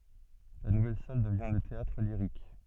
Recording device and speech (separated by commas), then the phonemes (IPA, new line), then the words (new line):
soft in-ear microphone, read sentence
la nuvɛl sal dəvjɛ̃ lə teatʁliʁik
La nouvelle salle devient le Théâtre-Lyrique.